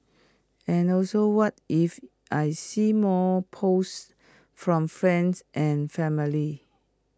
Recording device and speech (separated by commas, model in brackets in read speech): close-talking microphone (WH20), read sentence